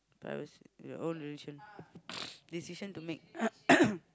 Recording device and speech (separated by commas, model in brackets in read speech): close-talking microphone, conversation in the same room